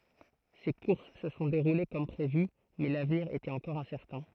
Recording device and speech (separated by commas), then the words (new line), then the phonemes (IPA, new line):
throat microphone, read sentence
Ces courses se sont déroulées comme prévu, mais l'avenir était encore incertain.
se kuʁs sə sɔ̃ deʁule kɔm pʁevy mɛ lavniʁ etɛt ɑ̃kɔʁ ɛ̃sɛʁtɛ̃